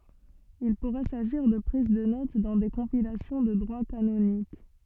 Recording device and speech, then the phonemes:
soft in-ear microphone, read sentence
il puʁɛ saʒiʁ də pʁiz də not dɑ̃ de kɔ̃pilasjɔ̃ də dʁwa kanonik

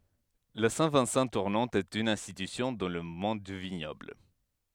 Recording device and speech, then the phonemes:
headset microphone, read sentence
la sɛ̃ vɛ̃sɑ̃ tuʁnɑ̃t ɛt yn ɛ̃stitysjɔ̃ dɑ̃ lə mɔ̃d dy viɲɔbl

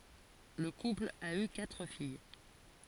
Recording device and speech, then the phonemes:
forehead accelerometer, read sentence
lə kupl a y katʁ fij

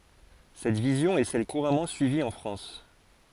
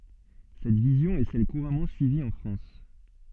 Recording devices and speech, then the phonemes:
forehead accelerometer, soft in-ear microphone, read sentence
sɛt vizjɔ̃ ɛ sɛl kuʁamɑ̃ syivi ɑ̃ fʁɑ̃s

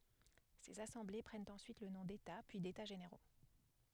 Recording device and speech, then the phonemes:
headset microphone, read sentence
sez asɑ̃ble pʁɛnt ɑ̃syit lə nɔ̃ deta pyi deta ʒeneʁo

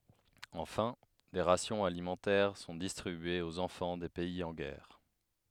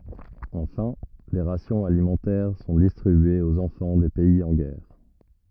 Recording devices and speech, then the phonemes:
headset microphone, rigid in-ear microphone, read sentence
ɑ̃fɛ̃ de ʁasjɔ̃z alimɑ̃tɛʁ sɔ̃ distʁibyez oz ɑ̃fɑ̃ de pɛiz ɑ̃ ɡɛʁ

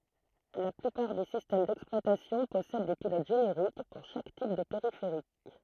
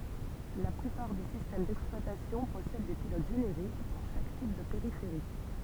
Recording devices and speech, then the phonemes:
throat microphone, temple vibration pickup, read sentence
la plypaʁ de sistɛm dɛksplwatasjɔ̃ pɔsɛd de pilot ʒeneʁik puʁ ʃak tip də peʁifeʁik

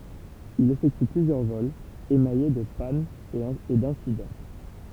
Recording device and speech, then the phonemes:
temple vibration pickup, read sentence
il efɛkty plyzjœʁ vɔlz emaje də panz e dɛ̃sidɑ̃

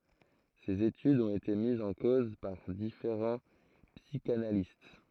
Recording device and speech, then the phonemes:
throat microphone, read sentence
sez etydz ɔ̃t ete mizz ɑ̃ koz paʁ difeʁɑ̃ psikanalist

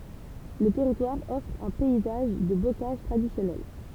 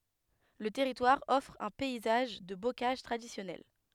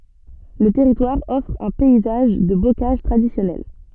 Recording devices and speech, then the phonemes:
temple vibration pickup, headset microphone, soft in-ear microphone, read sentence
lə tɛʁitwaʁ ɔfʁ œ̃ pɛizaʒ də bokaʒ tʁadisjɔnɛl

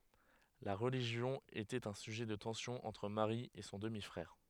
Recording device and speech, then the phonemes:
headset microphone, read sentence
la ʁəliʒjɔ̃ etɛt œ̃ syʒɛ də tɑ̃sjɔ̃ ɑ̃tʁ maʁi e sɔ̃ dəmi fʁɛʁ

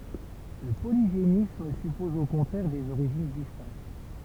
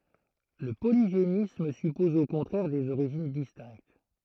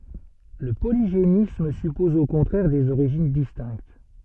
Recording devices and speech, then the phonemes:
temple vibration pickup, throat microphone, soft in-ear microphone, read sentence
lə poliʒenism sypɔz o kɔ̃tʁɛʁ dez oʁiʒin distɛ̃kt

